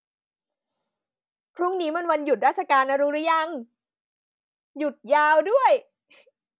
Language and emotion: Thai, happy